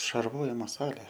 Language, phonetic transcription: Lithuanian, šarˈvojimo ˈsalė

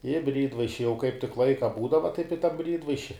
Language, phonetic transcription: Lithuanian, i ˈbrydvaiši jau kaip tik ˈlaika ˈbūdava taip i ta ˈbrydvaiši

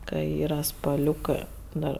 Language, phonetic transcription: Lithuanian, ka ˈyra spaˈliūkɜ ˈdar

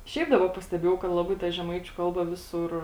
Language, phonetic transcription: Lithuanian, ˈšiaip ˈdaba pasteˈbėjau kad laˈbai ta žeˈmaičiu ˈkalba ˈvisur

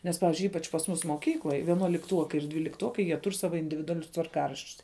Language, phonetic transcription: Lithuanian, nes ˈpavizdžiui ˈypač pas ˈmus moˈkykloj vienuolikˈtuokai ir dvylikˈtuokai jie ˈtur ˈsava individuaˈlius tvarˈkaraščius

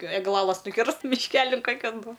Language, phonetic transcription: Lithuanian, egˈlalas nuˈkirst mišˈkelin ˈkokian bu

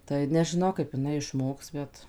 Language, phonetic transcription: Lithuanian, tai nežiˈnau kaip iˈnai išˈmoks ˈbet

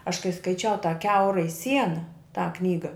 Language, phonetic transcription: Lithuanian, aš kai skaiˈčiau tą ˈkiaurai ˈsiena tą ˈknyga

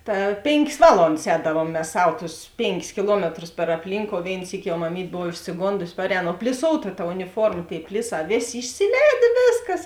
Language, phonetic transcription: Lithuanian, ˈta ˈpėnˌkės ˈvalondas ˈēdavuom mes ˈsav ˈtus ˈpėnˌkis kiˈluometrus per apˈlynkou ˈvėin ˈsyki jau maˈmyt' ˈbov išsiˈgondusi ˈparēˌno o pliˈsouta ta uniˈforma ˈtėi ˈpliˌsā ˈvėˌsė išsiˈlēdė ˈvėsˌkas

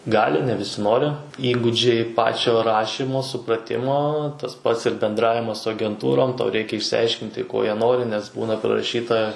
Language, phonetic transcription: Lithuanian, ˈgali ne viˈsi ˈnori ˈįgūdžiai ˈpačio ˈrašymo supraˈtimo tas pats ir benˈdravimas su agenˈtūrom ˈtau ˈreikia išsiˈaiškinti ˈko ˈjie ˈnori nes ˈbūna priraˈšyta

